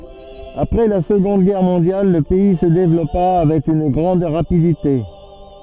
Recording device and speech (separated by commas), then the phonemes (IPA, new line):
soft in-ear microphone, read sentence
apʁɛ la səɡɔ̃d ɡɛʁ mɔ̃djal lə pɛi sə devlɔpa avɛk yn ɡʁɑ̃d ʁapidite